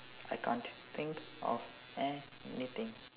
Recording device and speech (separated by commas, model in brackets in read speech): telephone, conversation in separate rooms